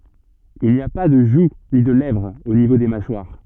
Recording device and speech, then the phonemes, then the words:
soft in-ear microphone, read sentence
il ni a pa də ʒu ni də lɛvʁ o nivo de maʃwaʁ
Il n'y a pas de joue ni de lèvre au niveau des mâchoires.

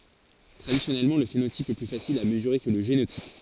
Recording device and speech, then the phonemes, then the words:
forehead accelerometer, read sentence
tʁadisjɔnɛlmɑ̃ lə fenotip ɛ ply fasil a məzyʁe kə lə ʒenotip
Traditionnellement, le phénotype est plus facile à mesurer que le génotype.

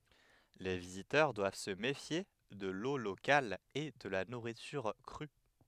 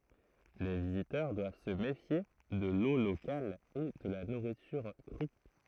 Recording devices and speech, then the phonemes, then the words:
headset microphone, throat microphone, read sentence
le vizitœʁ dwav sə mefje də lo lokal e də la nuʁityʁ kʁy
Les visiteurs doivent se méfier de l'eau locale et de la nourriture crue.

